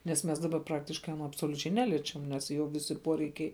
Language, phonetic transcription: Lithuanian, nes ˈmes daˈba ˈpraktiškai aˈno absoliuˈčiai ˈneliečiam nes ˈjo ˈvisi ˈpuoreikiai

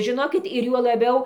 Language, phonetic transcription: Lithuanian, žiˈnokit ir juo laˈbiau

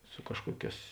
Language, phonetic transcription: Lithuanian, su ˈkažkuoˌkēs

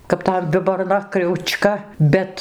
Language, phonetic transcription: Lithuanian, kap ˈtam viborˈna kriauˈčka ˈbet

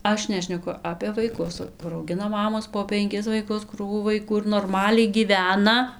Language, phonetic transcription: Lithuanian, ˈaš ˈnešneku ˈapė vaiˈkus kur auˈgina ˈmamos po penˈkis vaiˈkus ˈkrūvų vaiˈkų ir norˈmaliai gyˈvena

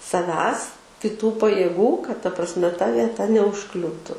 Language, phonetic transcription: Lithuanian, saˈvęs kiˈtų pajėˈgų kad ta prasˈme ta vieˈta neužˈkliūtu

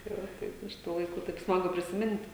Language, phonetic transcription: Lithuanian, tai ˈva ˈtaip iš ˈtų laiˈkų taip ˈsmagu prisiˈmint'

